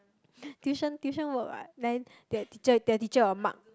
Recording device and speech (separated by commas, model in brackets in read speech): close-talking microphone, conversation in the same room